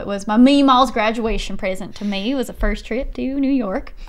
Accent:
Texan accent